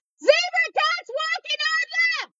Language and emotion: English, neutral